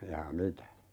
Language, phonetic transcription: Finnish, 'jaa "mitä ?
- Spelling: jaa mitä

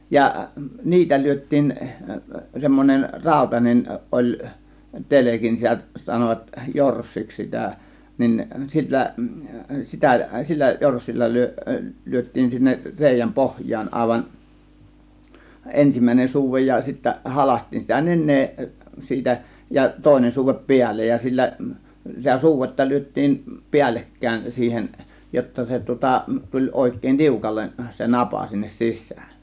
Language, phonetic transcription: Finnish, ja "niitä 'lyöt̆tiin , 'semmon͕en "ràȯtanen 'oĺ , "telekin , 'sitä sanovat "jorssiks 'sitä̀ , nin 'sillä , 'sitä sillä 'jorssilla 'ly̬ö- , 'lyöt̆tiin sinnek , 'rèijäm "pohj̆jaan 'àėvan , 'ensim̀ä̀ėnen 'suuvej ja , sittä 'halaśt̆tiin sitä 'nen̆nee , 'siitä ja , 'tòėnen suuvep "piällej ja sillä , sitä 'suuvetta "lyöt̆tiim "piällekkä̀ėn 'siihen , jotta 'se tŭŏta , 'tuĺ òėk̆kèĭn "tiukallen , se "napa sinnes "sis̆sÄÄn .
- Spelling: ja niitä lyötiin semmoinen rautainen oli telkin sitä sanovat jorssiksi sitä niin sillä sitä sillä jorssilla - lyötiin sinne reiän pohjaan aivan ensimmäinen suude ja sitten halkaistiin sitä nenää siitä ja toinen suude päälle ja sillä sitä suudetta lyötiin päällekkäin siihen jotta se tuota tuli oikein tiukalle se napa sinne sisään

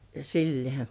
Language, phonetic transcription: Finnish, sillɪ̆ᴇ̀§ .
- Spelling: sillä lailla

